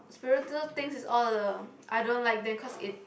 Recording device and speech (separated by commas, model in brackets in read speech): boundary microphone, conversation in the same room